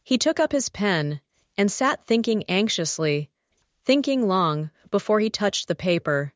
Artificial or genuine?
artificial